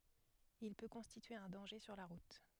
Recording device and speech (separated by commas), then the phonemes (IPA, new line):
headset microphone, read sentence
il pø kɔ̃stitye œ̃ dɑ̃ʒe syʁ la ʁut